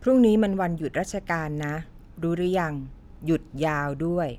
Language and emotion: Thai, neutral